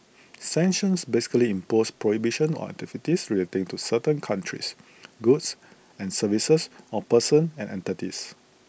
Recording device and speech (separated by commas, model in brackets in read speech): boundary microphone (BM630), read sentence